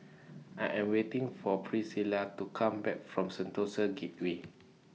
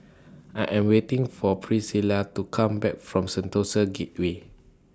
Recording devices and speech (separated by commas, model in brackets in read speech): mobile phone (iPhone 6), standing microphone (AKG C214), read sentence